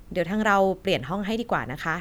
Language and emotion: Thai, neutral